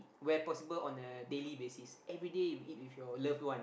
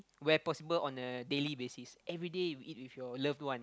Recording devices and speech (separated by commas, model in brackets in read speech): boundary microphone, close-talking microphone, conversation in the same room